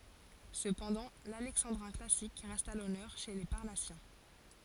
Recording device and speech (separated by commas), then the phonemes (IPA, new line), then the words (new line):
forehead accelerometer, read sentence
səpɑ̃dɑ̃ lalɛksɑ̃dʁɛ̃ klasik ʁɛst a lɔnœʁ ʃe le paʁnasjɛ̃
Cependant, l'alexandrin classique reste à l'honneur chez les Parnassiens.